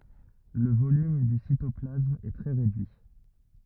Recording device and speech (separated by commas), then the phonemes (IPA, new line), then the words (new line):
rigid in-ear microphone, read sentence
lə volym dy sitɔplasm ɛ tʁɛ ʁedyi
Le volume du cytoplasme est très réduit.